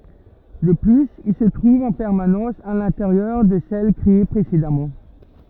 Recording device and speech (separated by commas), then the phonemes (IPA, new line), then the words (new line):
rigid in-ear microphone, read sentence
də plyz il sə tʁuv ɑ̃ pɛʁmanɑ̃s a lɛ̃teʁjœʁ də sɛl kʁee pʁesedamɑ̃
De plus, il se trouve en permanence à l'intérieur de celles créées précédemment.